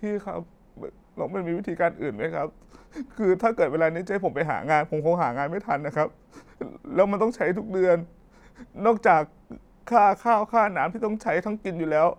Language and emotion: Thai, sad